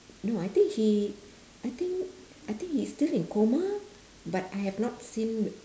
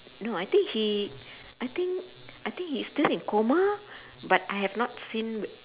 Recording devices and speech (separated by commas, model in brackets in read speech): standing microphone, telephone, conversation in separate rooms